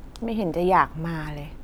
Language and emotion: Thai, frustrated